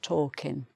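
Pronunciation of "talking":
In 'talking', the g is dropped, so the word ends in an 'in' sound with no ng sound.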